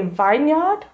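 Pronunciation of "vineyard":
'Vineyard' is pronounced incorrectly here.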